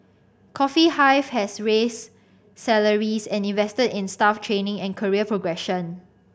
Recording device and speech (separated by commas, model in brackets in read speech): boundary microphone (BM630), read sentence